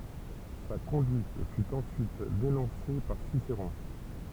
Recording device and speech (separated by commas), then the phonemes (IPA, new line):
temple vibration pickup, read sentence
sa kɔ̃dyit fy ɑ̃syit denɔ̃se paʁ siseʁɔ̃